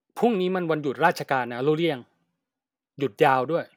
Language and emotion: Thai, angry